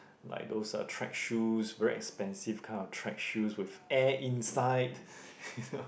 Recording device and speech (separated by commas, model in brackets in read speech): boundary microphone, conversation in the same room